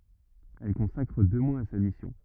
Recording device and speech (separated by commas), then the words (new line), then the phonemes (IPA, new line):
rigid in-ear microphone, read sentence
Elle consacre deux mois à sa mission.
ɛl kɔ̃sakʁ dø mwaz a sa misjɔ̃